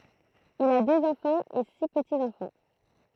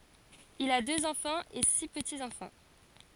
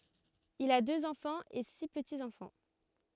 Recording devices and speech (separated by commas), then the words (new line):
throat microphone, forehead accelerometer, rigid in-ear microphone, read sentence
Il a deux enfants et six petits-enfants.